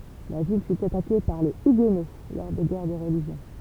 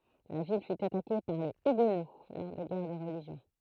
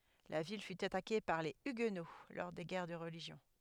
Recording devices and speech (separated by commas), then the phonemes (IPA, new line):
temple vibration pickup, throat microphone, headset microphone, read sentence
la vil fy atake paʁ le yɡno lɔʁ de ɡɛʁ də ʁəliʒjɔ̃